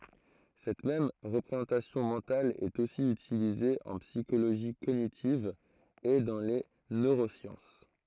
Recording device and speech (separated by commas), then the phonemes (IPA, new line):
throat microphone, read sentence
sɛt mɛm ʁəpʁezɑ̃tasjɔ̃ mɑ̃tal ɛt osi ytilize ɑ̃ psikoloʒi koɲitiv e dɑ̃ le nøʁosjɑ̃s